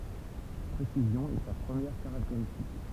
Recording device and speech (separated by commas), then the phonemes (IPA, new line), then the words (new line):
temple vibration pickup, read sentence
la pʁesizjɔ̃ ɛ sa pʁəmjɛʁ kaʁakteʁistik
La précision est sa première caractéristique.